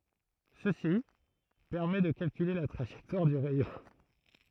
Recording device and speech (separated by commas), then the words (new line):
throat microphone, read sentence
Ceci permet de calculer la trajectoire du rayon.